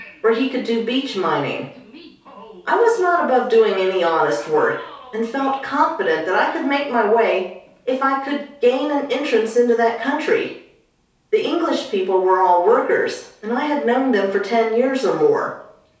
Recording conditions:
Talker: one person; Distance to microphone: 3.0 m; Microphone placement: far; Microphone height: 1.8 m; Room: small (3.7 m by 2.7 m); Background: television

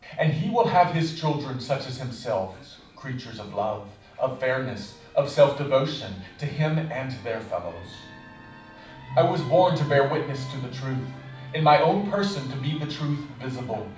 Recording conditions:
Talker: one person; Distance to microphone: 5.8 m; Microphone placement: far; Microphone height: 1.8 m; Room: medium-sized (5.7 m by 4.0 m); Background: television

